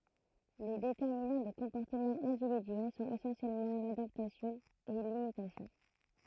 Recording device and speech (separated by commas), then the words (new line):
throat microphone, read sentence
Les déterminant des comportements individuels sont essentiellement l'adaptation et l'imitation.